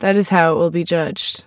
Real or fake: real